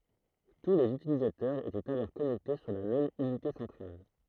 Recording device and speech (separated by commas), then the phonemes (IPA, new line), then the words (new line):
throat microphone, read sentence
tu lez ytilizatœʁz etɛt alɔʁ kɔnɛkte syʁ la mɛm ynite sɑ̃tʁal
Tous les utilisateurs étaient alors connectés sur la même unité centrale.